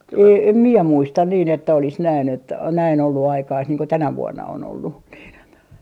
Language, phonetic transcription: Finnish, ee 'em mie "muistan niin ‿että olis näin ‿että näin ollu 'aikaist niiŋ ko "tänä 'vuonna on ollu , niin ‿on .
- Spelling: ei en minä muista niin että olisi näin että näin ollut aikaista niin kuin tänä vuonna on ollut niin on

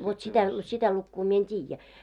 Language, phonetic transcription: Finnish, vot śitä , 'śitä lukkuu mie en 't́iijjä .
- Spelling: vot sitä sitä lukua minä en tiedä

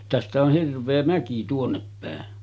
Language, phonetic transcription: Finnish, tästä oh 'hirv̆vee 'mäki tuonneppä̀en .
- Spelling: tästä on hirveä mäki tuonnepäin

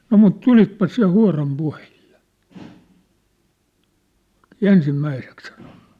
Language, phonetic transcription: Finnish, » no mut "tulitpas siʿⁿ̬ʾä 'hua̭ram 'puhehɪʟʟᴇ ! « "ensim'mäisek sᴀɴᴏɴɴᴜ .
- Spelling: no mutta tulitpa sinä huoran puheille ensimmäiseksi sanonut

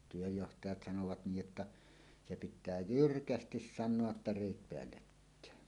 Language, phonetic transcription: Finnish, työjjohtajat 'sanovat 'niij jotta , se pit̆tää "jyrkästis "sannoa ‿tta » 'rèit 'peällekkään « .
- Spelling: työnjohtajat sanovat niin jotta se pitää jyrkästi sanoa jotta reet päällekkäin

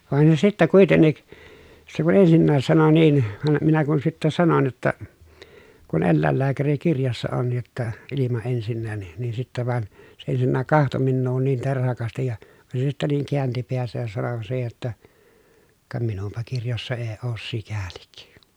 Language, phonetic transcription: Finnish, vàen se sittä kuitennik , se kun ensinnääs sano niin , vam minä kun sittä sanon jotta , » kun ellä̀ellääkärikirjassa on jotta , ilima ensinnään nin » , nin sittä van , se ensinnä̀k kahto minnuu niin terhakastij ja , van se sittä niiŋ kiänti peäsäj ja sano siihe jotta , » ka minumpa kirjossa ee oos sikälik » .
- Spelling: vaan se sitten kuitenkin se kun ensinnäkin sanoi niin vaan minä kun sitten sanoin jotta kun eläinlääkärikirjassa on jotta ilma ensinnäkin niin niin sitten vaan se ensinnä katsoi minua niin terhakasti ja vaan se sitten niin käänsi päänsä ja sanoi siihen jotta ka minunpa kirjoissa ei ole sikäli

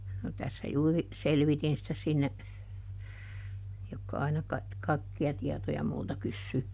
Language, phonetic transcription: Finnish, no tässä ˈjuuri , "selvitin sitä sinne , ˈjokka aina kaik- , kaikki₍a ˈtiɛtoja multa ˈkyssyy .
- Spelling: no tässä juuri selvitin sitä sinne jotka aina - kaikkia tietoja multa kysyy

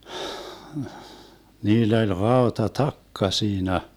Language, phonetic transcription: Finnish, 'niill ‿oĺ 'raota"takka 'siinä .
- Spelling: niillä oli rautatakka siinä

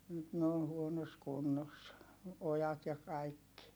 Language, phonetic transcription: Finnish, nyt ne on̬ huonos kunnos , ojat ja kaikki .
- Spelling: nyt ne on huonossa kunnossa ojat ja kaikki

